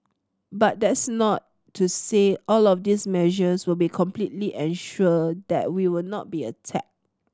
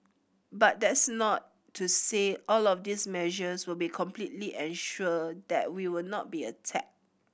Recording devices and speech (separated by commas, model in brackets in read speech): standing microphone (AKG C214), boundary microphone (BM630), read sentence